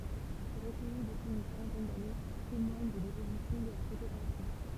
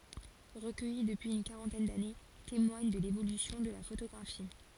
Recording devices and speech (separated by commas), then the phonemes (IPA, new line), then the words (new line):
temple vibration pickup, forehead accelerometer, read sentence
ʁəkœji dəpyiz yn kaʁɑ̃tɛn dane temwaɲ də levolysjɔ̃ də la fotoɡʁafi
Recueillis depuis une quarantaine d'années, témoignent de l'évolution de la photographie.